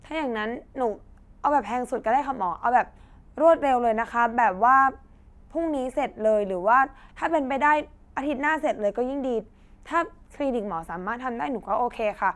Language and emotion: Thai, neutral